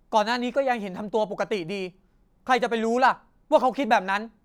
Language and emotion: Thai, angry